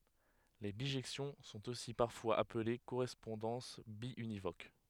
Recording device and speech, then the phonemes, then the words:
headset microphone, read sentence
le biʒɛksjɔ̃ sɔ̃t osi paʁfwaz aple koʁɛspɔ̃dɑ̃s bjynivok
Les bijections sont aussi parfois appelées correspondances biunivoques.

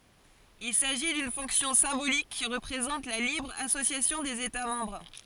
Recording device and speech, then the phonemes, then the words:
forehead accelerometer, read sentence
il saʒi dyn fɔ̃ksjɔ̃ sɛ̃bolik ki ʁəpʁezɑ̃t la libʁ asosjasjɔ̃ dez eta mɑ̃bʁ
Il s'agit d'une fonction symbolique qui représente la libre association des États membres.

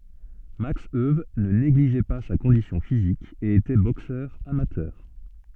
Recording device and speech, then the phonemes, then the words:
soft in-ear microphone, read sentence
maks øw nə neɡliʒɛ pa sa kɔ̃disjɔ̃ fizik e etɛ boksœʁ amatœʁ
Max Euwe ne négligeait pas sa condition physique et était boxeur amateur.

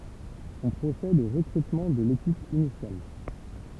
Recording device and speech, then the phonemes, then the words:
temple vibration pickup, read sentence
ɔ̃ pʁosɛd o ʁəkʁytmɑ̃ də lekip inisjal
On procède au recrutement de l'équipe initiale.

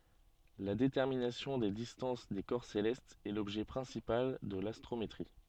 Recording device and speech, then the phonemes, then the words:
soft in-ear microphone, read sentence
la detɛʁminasjɔ̃ de distɑ̃s de kɔʁ selɛstz ɛ lɔbʒɛ pʁɛ̃sipal də lastʁometʁi
La détermination des distances des corps célestes est l’objet principal de l’astrométrie.

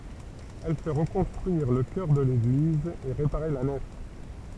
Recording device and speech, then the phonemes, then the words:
temple vibration pickup, read sentence
ɛl fɛ ʁəkɔ̃stʁyiʁ lə kœʁ də leɡliz e ʁepaʁe la nɛf
Elle fait reconstruire le chœur de l'église et réparer la nef.

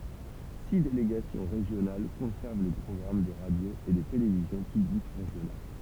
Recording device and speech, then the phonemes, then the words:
temple vibration pickup, read sentence
si deleɡasjɔ̃ ʁeʒjonal kɔ̃sɛʁv le pʁɔɡʁam de ʁadjoz e de televizjɔ̃ pyblik ʁeʒjonal
Six délégations régionales conservent les programmes des radios et des télévisions publiques régionales.

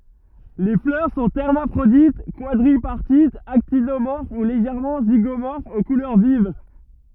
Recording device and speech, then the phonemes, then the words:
rigid in-ear microphone, read sentence
le flœʁ sɔ̃ ɛʁmafʁodit kwadʁipaʁtitz aktinomɔʁf u leʒɛʁmɑ̃ ziɡomɔʁfz o kulœʁ viv
Les fleurs sont hermaphrodites, quadripartites, actinomorphes ou légèrement zygomorphes, aux couleurs vives.

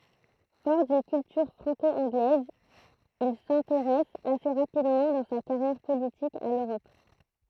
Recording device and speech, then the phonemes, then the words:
throat microphone, read sentence
fɔʁ dyn kyltyʁ fʁɑ̃ko ɑ̃ɡlɛz il sɛ̃teʁɛs ase ʁapidmɑ̃ dɑ̃ sa kaʁjɛʁ politik a løʁɔp
Fort d'une culture franco-anglaise, il s'intéresse assez rapidement dans sa carrière politique à l'Europe.

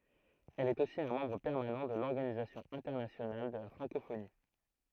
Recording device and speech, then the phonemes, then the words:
throat microphone, read sentence
ɛl ɛt osi œ̃ mɑ̃bʁ pɛʁmanɑ̃ də lɔʁɡanizasjɔ̃ ɛ̃tɛʁnasjonal də la fʁɑ̃kofoni
Elle est aussi un membre permanent de l'Organisation internationale de la francophonie.

